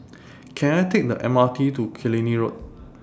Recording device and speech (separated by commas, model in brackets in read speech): standing microphone (AKG C214), read sentence